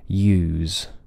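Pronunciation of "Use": In 'use', the oo vowel is lengthened before the z at the end. The z's vibration does not go on long; it fades away.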